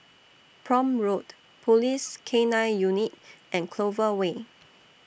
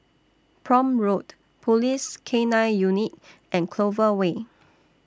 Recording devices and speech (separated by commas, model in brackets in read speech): boundary microphone (BM630), standing microphone (AKG C214), read sentence